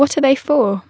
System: none